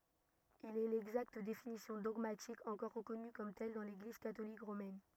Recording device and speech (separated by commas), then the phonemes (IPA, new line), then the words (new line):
rigid in-ear microphone, read sentence
il ɛ lɛɡzakt definisjɔ̃ dɔɡmatik ɑ̃kɔʁ ʁəkɔny kɔm tɛl dɑ̃ leɡliz katolik ʁomɛn
Il est l’exacte définition dogmatique encore reconnue comme telle dans l’Église catholique romaine.